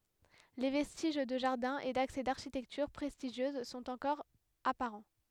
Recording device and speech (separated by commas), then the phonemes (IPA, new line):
headset microphone, read sentence
le vɛstiʒ də ʒaʁdɛ̃ e daksɛ daʁʃitɛktyʁ pʁɛstiʒjøz sɔ̃t ɑ̃kɔʁ apaʁɑ̃